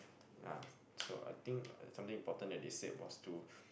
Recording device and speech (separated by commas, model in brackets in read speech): boundary microphone, conversation in the same room